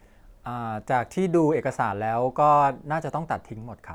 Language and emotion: Thai, neutral